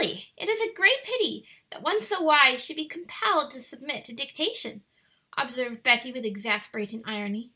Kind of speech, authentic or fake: authentic